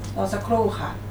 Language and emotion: Thai, neutral